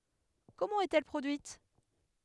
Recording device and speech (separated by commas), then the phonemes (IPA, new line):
headset microphone, read sentence
kɔmɑ̃ ɛt ɛl pʁodyit